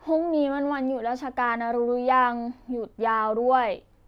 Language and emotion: Thai, frustrated